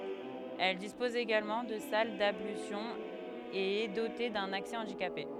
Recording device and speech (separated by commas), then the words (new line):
headset microphone, read sentence
Elle dispose également de salles d'ablutions et est dotée d'un accès handicapés.